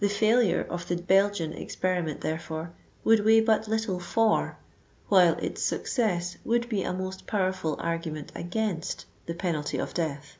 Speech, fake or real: real